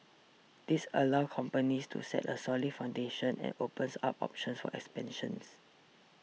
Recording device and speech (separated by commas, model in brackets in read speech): mobile phone (iPhone 6), read sentence